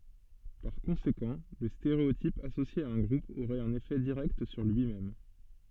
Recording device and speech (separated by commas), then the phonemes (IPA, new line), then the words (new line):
soft in-ear microphone, read sentence
paʁ kɔ̃sekɑ̃ lə steʁeotip asosje a œ̃ ɡʁup oʁɛt œ̃n efɛ diʁɛkt syʁ lyi mɛm
Par conséquent, le stéréotype associé à un groupe aurait un effet direct sur lui-même.